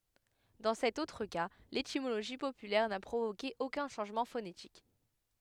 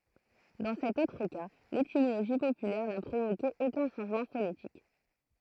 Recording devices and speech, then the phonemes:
headset microphone, throat microphone, read sentence
dɑ̃ sɛt otʁ ka letimoloʒi popylɛʁ na pʁovoke okœ̃ ʃɑ̃ʒmɑ̃ fonetik

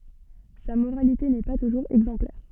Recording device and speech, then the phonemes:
soft in-ear microphone, read sentence
sa moʁalite nɛ pa tuʒuʁz ɛɡzɑ̃plɛʁ

